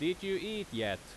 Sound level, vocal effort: 91 dB SPL, very loud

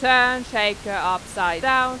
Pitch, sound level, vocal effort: 220 Hz, 98 dB SPL, loud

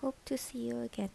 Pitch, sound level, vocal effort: 200 Hz, 74 dB SPL, soft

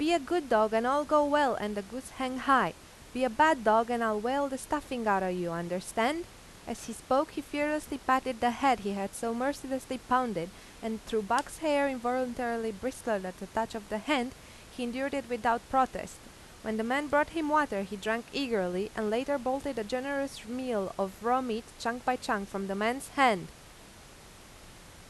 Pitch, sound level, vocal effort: 245 Hz, 88 dB SPL, loud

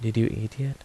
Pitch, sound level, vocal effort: 115 Hz, 76 dB SPL, soft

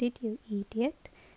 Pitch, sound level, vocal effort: 225 Hz, 71 dB SPL, soft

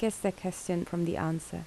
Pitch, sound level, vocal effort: 175 Hz, 74 dB SPL, soft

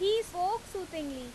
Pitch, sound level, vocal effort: 370 Hz, 93 dB SPL, very loud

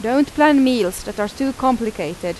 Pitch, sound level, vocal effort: 250 Hz, 87 dB SPL, loud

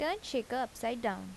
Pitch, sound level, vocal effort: 245 Hz, 81 dB SPL, normal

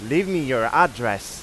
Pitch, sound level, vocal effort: 135 Hz, 98 dB SPL, very loud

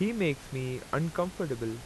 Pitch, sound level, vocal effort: 145 Hz, 85 dB SPL, loud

